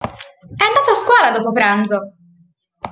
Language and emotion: Italian, happy